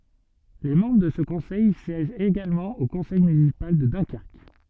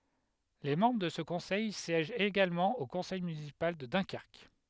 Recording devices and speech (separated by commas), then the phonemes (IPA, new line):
soft in-ear microphone, headset microphone, read sentence
le mɑ̃bʁ də sə kɔ̃sɛj sjɛʒt eɡalmɑ̃ o kɔ̃sɛj mynisipal də dœ̃kɛʁk